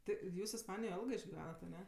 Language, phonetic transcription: Lithuanian, ˈti ˈjūs isˈpanijoj ˈelgɜ išgiˈvenat aˈne

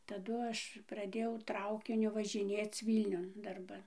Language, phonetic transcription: Lithuanian, taˈdu ˈaš praˈdėjau ˈtraukiniu važiˈnėc ˈvylniun darˈban

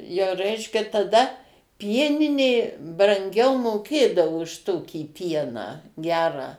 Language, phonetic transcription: Lithuanian, jau ˈreiškia taˈda ˈpieninė branˈgiau moˈkėdavo už ˈtokį ˈpieną ˈgerą

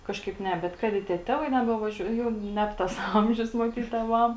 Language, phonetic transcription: Lithuanian, ˈkažkaip ˈne ˈbet ˈkad i tie ˈtevai ˌnebevaˈžiuoj ˈjau ˈneb tas ˈamžius maˈtyt tėˈvam

